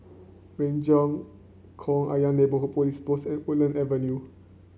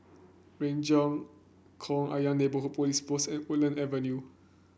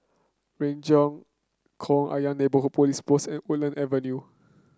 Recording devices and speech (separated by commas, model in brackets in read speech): mobile phone (Samsung C9), boundary microphone (BM630), close-talking microphone (WH30), read sentence